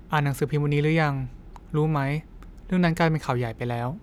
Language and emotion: Thai, neutral